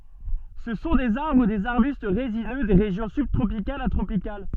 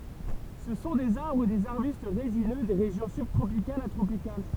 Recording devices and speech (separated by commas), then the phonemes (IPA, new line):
soft in-ear microphone, temple vibration pickup, read sentence
sə sɔ̃ dez aʁbʁ u dez aʁbyst ʁezinø de ʁeʒjɔ̃ sybtʁopikalz a tʁopikal